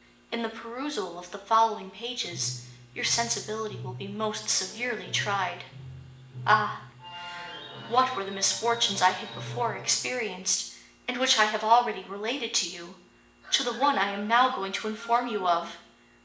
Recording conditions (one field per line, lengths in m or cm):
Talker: one person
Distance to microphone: 1.8 m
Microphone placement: close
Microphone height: 1.0 m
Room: large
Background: television